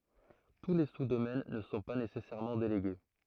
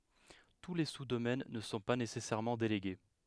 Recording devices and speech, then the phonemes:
throat microphone, headset microphone, read sentence
tu le su domɛn nə sɔ̃ pa nesɛsɛʁmɑ̃ deleɡe

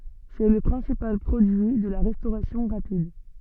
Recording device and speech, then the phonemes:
soft in-ear microphone, read sentence
sɛ lə pʁɛ̃sipal pʁodyi də la ʁɛstoʁasjɔ̃ ʁapid

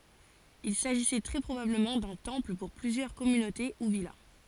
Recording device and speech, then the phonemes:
forehead accelerometer, read sentence
il saʒisɛ tʁɛ pʁobabləmɑ̃ dœ̃ tɑ̃pl puʁ plyzjœʁ kɔmynote u vila

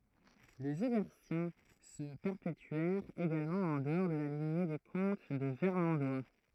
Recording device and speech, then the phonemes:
throat microphone, read sentence
lez ɛʁbɛʁtjɛ̃ sə pɛʁpetyɛʁt eɡalmɑ̃ ɑ̃ dəɔʁ də la liɲe de kɔ̃t də vɛʁmɑ̃dwa

